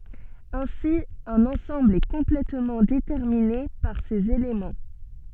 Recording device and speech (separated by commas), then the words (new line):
soft in-ear microphone, read sentence
Ainsi un ensemble est complètement déterminé par ses éléments.